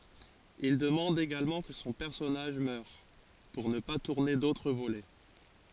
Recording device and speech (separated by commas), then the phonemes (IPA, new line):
forehead accelerometer, read sentence
il dəmɑ̃d eɡalmɑ̃ kə sɔ̃ pɛʁsɔnaʒ mœʁ puʁ nə pa tuʁne dotʁ volɛ